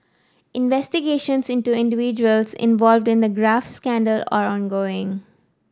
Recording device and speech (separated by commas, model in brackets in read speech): standing microphone (AKG C214), read sentence